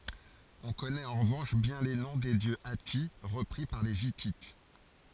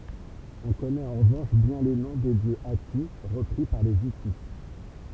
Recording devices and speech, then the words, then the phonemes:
forehead accelerometer, temple vibration pickup, read sentence
On connaît en revanche bien les noms des dieux hattis, repris par les Hittites.
ɔ̃ kɔnɛt ɑ̃ ʁəvɑ̃ʃ bjɛ̃ le nɔ̃ de djø ati ʁəpʁi paʁ le itit

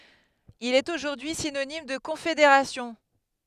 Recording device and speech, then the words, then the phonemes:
headset microphone, read sentence
Il est aujourd'hui synonyme de confédération.
il ɛt oʒuʁdyi sinonim də kɔ̃fedeʁasjɔ̃

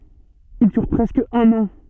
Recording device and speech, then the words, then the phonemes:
soft in-ear microphone, read sentence
Il dure presque un an.
il dyʁ pʁɛskə œ̃n ɑ̃

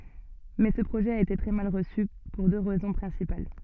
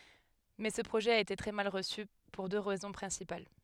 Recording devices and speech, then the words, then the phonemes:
soft in-ear microphone, headset microphone, read sentence
Mais ce projet a été très mal reçu, pour deux raisons principales.
mɛ sə pʁoʒɛ a ete tʁɛ mal ʁəsy puʁ dø ʁɛzɔ̃ pʁɛ̃sipal

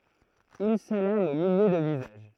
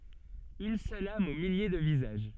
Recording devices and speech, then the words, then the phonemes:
throat microphone, soft in-ear microphone, read sentence
Une seule âme aux milliers de visages.
yn sœl am o milje də vizaʒ

